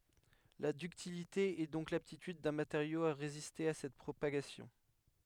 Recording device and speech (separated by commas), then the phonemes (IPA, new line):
headset microphone, read sentence
la dyktilite ɛ dɔ̃k laptityd dœ̃ mateʁjo a ʁeziste a sɛt pʁopaɡasjɔ̃